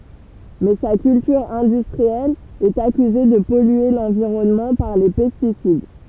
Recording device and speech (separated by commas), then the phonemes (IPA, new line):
temple vibration pickup, read sentence
mɛ sa kyltyʁ ɛ̃dystʁiɛl ɛt akyze də pɔlye lɑ̃viʁɔnmɑ̃ paʁ le pɛstisid